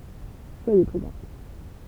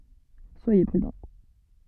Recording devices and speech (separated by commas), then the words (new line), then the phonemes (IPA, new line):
temple vibration pickup, soft in-ear microphone, read sentence
Soyez prudents.
swaje pʁydɑ̃